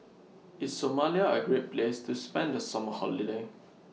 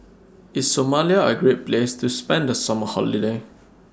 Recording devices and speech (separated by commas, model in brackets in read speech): mobile phone (iPhone 6), standing microphone (AKG C214), read sentence